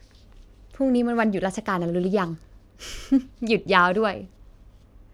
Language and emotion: Thai, happy